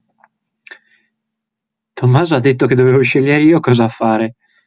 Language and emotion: Italian, happy